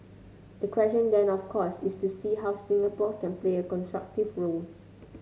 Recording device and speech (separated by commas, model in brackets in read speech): mobile phone (Samsung C9), read sentence